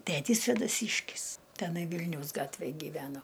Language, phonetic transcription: Lithuanian, ˈtætys svėdaˈsyškis teˈnai ˈvilniaus ˈgatvėj gyˈveno

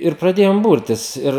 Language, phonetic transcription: Lithuanian, ir praˈdėjom ˈburtis ˈir

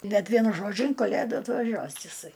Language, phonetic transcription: Lithuanian, bet ˈvienu ˈžodžiu in kaˈlėdų atvaˈžiuos iˈsai

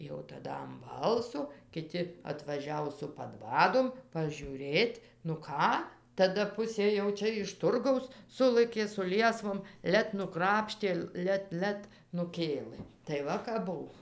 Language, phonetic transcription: Lithuanian, ˈjau taˈda am ˈbalso kiˈti atvaˈžiavo su paˈdvadom pažiūˈrėt' nu ˈką taˈda ˈpusė jau ˈčia iš turˈgaus ˈsulɘkė su ˈliesvom ˈlet nuˈkrapštė ˈlet ˈlet nuˈkėlɘ tai ˈva kap ˈbuv

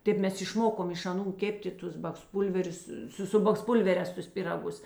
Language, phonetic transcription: Lithuanian, ˈtėp ˈmes išˈmokom iš aˈnų ˈkeptė ˈtus baksˈpūlverius ˈsu su baksˈpulverēs tus pyraˈgus

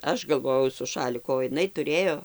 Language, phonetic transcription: Lithuanian, ˈaš galˈvojau su ˈšaliku o jiˈnai tuˈrėjo

